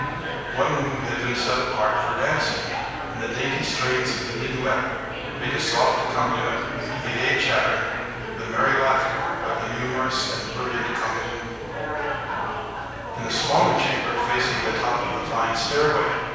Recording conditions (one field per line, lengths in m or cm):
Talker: one person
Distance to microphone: 7.1 m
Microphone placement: far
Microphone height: 1.7 m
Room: very reverberant, large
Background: babble